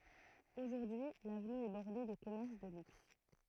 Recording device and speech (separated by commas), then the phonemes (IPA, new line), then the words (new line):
throat microphone, read sentence
oʒuʁdyi lavny ɛ bɔʁde də kɔmɛʁs də lyks
Aujourd'hui, l'avenue est bordée de commerces de luxe.